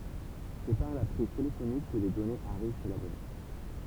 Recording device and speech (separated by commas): temple vibration pickup, read sentence